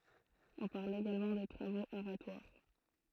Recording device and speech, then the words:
throat microphone, read sentence
On parle également de travaux aratoires.

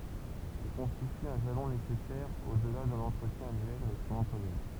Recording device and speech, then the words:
temple vibration pickup, read sentence
Il constitue un jalon nécessaire au-delà de l'entretien annuel avec son employeur.

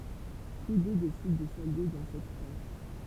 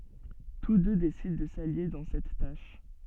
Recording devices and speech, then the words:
temple vibration pickup, soft in-ear microphone, read sentence
Tous deux décident de s'allier dans cette tâche.

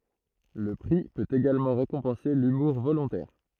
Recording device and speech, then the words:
throat microphone, read sentence
Le prix peut également récompenser l'humour volontaire.

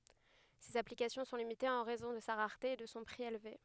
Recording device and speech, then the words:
headset microphone, read sentence
Ses applications sont limitées en raison de sa rareté et de son prix élevé.

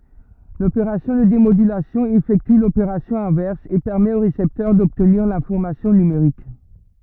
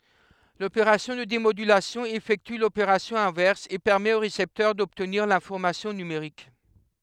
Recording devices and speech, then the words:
rigid in-ear microphone, headset microphone, read sentence
L’opération de démodulation effectue l’opération inverse et permet au récepteur d’obtenir l’information numérique.

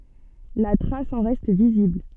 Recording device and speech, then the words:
soft in-ear microphone, read sentence
La trace en reste visible.

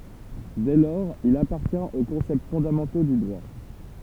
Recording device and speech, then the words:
temple vibration pickup, read sentence
Dès lors il appartient aux concepts fondamentaux du droit.

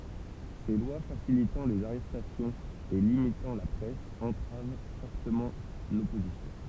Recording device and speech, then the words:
temple vibration pickup, read sentence
Ces lois facilitant les arrestations et limitant la presse entravent fortement l'opposition.

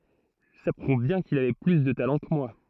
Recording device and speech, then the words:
throat microphone, read sentence
Ça prouve bien qu'il avait plus de talent que moi.

